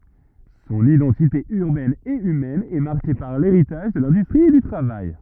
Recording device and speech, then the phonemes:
rigid in-ear microphone, read sentence
sɔ̃n idɑ̃tite yʁbɛn e ymɛn ɛ maʁke paʁ leʁitaʒ də lɛ̃dystʁi e dy tʁavaj

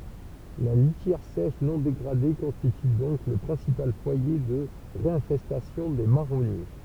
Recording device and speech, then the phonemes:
temple vibration pickup, read sentence
la litjɛʁ sɛʃ nɔ̃ deɡʁade kɔ̃stity dɔ̃k lə pʁɛ̃sipal fwaje də ʁeɛ̃fɛstasjɔ̃ de maʁɔnje

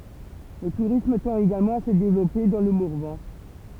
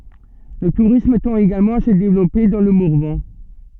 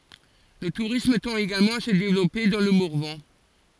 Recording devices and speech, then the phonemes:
temple vibration pickup, soft in-ear microphone, forehead accelerometer, read sentence
lə tuʁism tɑ̃t eɡalmɑ̃ a sə devlɔpe dɑ̃ lə mɔʁvɑ̃

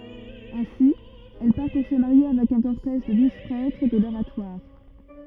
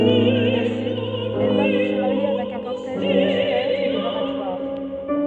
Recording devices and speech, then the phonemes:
rigid in-ear microphone, soft in-ear microphone, read sentence
ɛ̃si ɛl paʁ puʁ sə maʁje avɛk œ̃ kɔʁtɛʒ də duz pʁɛtʁ də loʁatwaʁ

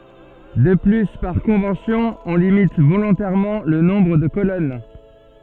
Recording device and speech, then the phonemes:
soft in-ear microphone, read sentence
də ply paʁ kɔ̃vɑ̃sjɔ̃ ɔ̃ limit volɔ̃tɛʁmɑ̃ lə nɔ̃bʁ də kolɔn

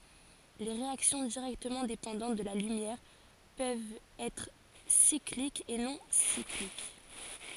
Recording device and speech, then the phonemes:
forehead accelerometer, read sentence
le ʁeaksjɔ̃ diʁɛktəmɑ̃ depɑ̃dɑ̃t də la lymjɛʁ pøvt ɛtʁ siklik u nɔ̃ siklik

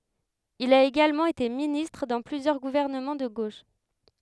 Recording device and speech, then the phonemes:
headset microphone, read sentence
il a eɡalmɑ̃ ete ministʁ dɑ̃ plyzjœʁ ɡuvɛʁnəmɑ̃ də ɡoʃ

